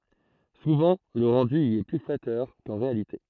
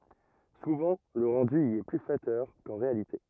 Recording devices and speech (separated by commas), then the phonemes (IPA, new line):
throat microphone, rigid in-ear microphone, read sentence
suvɑ̃ lə ʁɑ̃dy i ɛ ply flatœʁ kɑ̃ ʁealite